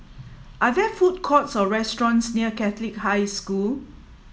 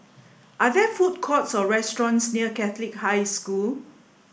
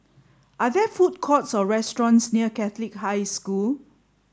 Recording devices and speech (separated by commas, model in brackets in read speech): mobile phone (iPhone 7), boundary microphone (BM630), standing microphone (AKG C214), read sentence